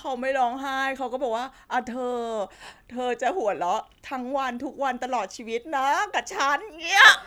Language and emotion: Thai, happy